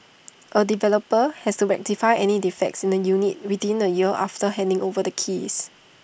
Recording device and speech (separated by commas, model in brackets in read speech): boundary microphone (BM630), read sentence